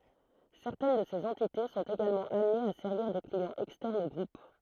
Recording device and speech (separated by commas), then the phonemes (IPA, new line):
throat microphone, read sentence
sɛʁtɛn də sez ɑ̃tite sɔ̃t eɡalmɑ̃ amnez a sɛʁviʁ de kliɑ̃z ɛkstɛʁnz o ɡʁup